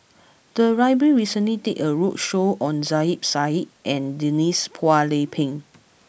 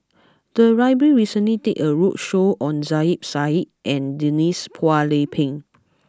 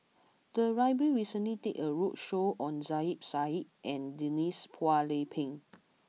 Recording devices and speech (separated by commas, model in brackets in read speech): boundary microphone (BM630), close-talking microphone (WH20), mobile phone (iPhone 6), read sentence